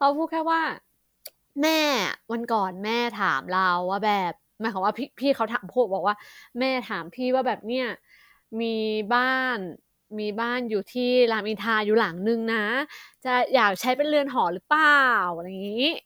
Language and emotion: Thai, happy